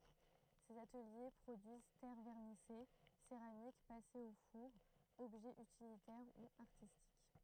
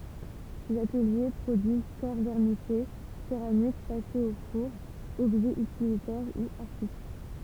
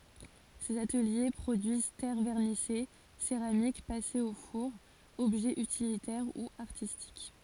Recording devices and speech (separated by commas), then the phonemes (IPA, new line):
throat microphone, temple vibration pickup, forehead accelerometer, read sentence
sez atəlje pʁodyiz tɛʁ vɛʁnise seʁamik pasez o fuʁ ɔbʒɛz ytilitɛʁ u aʁtistik